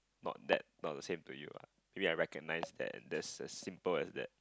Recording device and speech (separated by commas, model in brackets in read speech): close-talking microphone, conversation in the same room